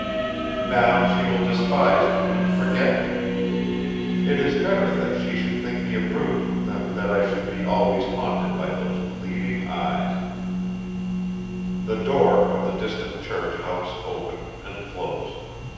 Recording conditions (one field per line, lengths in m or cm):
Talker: one person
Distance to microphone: 7.1 m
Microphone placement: far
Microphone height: 1.7 m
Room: very reverberant, large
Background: music